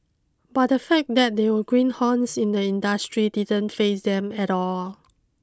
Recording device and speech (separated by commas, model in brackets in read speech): close-talking microphone (WH20), read sentence